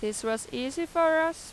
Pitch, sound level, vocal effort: 320 Hz, 92 dB SPL, loud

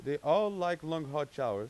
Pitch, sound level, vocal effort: 150 Hz, 96 dB SPL, loud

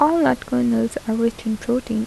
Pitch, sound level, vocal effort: 235 Hz, 78 dB SPL, soft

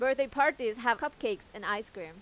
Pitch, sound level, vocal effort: 260 Hz, 94 dB SPL, loud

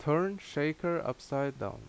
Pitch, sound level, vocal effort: 145 Hz, 82 dB SPL, very loud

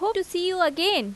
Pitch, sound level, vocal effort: 360 Hz, 89 dB SPL, loud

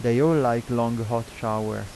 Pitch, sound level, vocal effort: 115 Hz, 86 dB SPL, normal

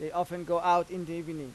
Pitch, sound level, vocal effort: 175 Hz, 94 dB SPL, loud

